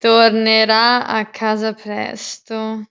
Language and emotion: Italian, disgusted